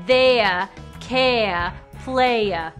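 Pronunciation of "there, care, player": In 'there', 'care' and 'player', no r sound is heard at the end of the word.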